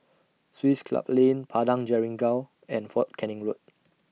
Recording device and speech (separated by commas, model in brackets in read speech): mobile phone (iPhone 6), read sentence